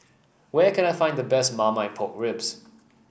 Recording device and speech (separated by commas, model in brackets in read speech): boundary microphone (BM630), read sentence